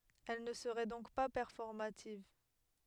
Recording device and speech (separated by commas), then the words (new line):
headset microphone, read sentence
Elle ne serait donc pas performative.